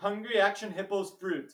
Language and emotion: English, fearful